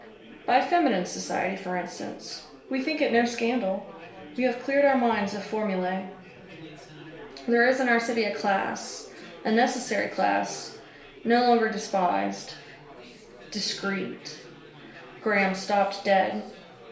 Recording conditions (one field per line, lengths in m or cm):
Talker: one person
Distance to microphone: 1.0 m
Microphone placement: close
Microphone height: 1.1 m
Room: small (3.7 m by 2.7 m)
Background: babble